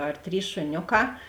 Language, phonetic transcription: Lithuanian, ar ˈtrys šuˈnioˌkā

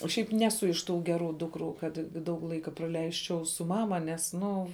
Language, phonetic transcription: Lithuanian, o ˈšiaip ˈnesu iš ˈtų ˈgeˌrų ˈdukˌrų ˈkad ˈdaug ˈlaika praˈleisčiau su ˈmama nes ˈnu

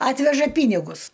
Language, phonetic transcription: Lithuanian, ˈatveža ˈpynigus

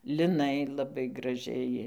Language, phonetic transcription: Lithuanian, liˈnai laˈbai graˈžiai

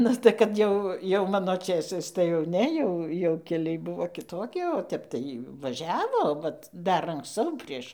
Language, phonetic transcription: Lithuanian, ˈnu tai kad ˈjau jau ˈmano ˈčėsais tai jau ˈne jau jau keˈliai ˈbuvo kiˈtoki o ˈtep tai vaˈžiavo ˈvat ˈdar anksˈcau ˈprieš

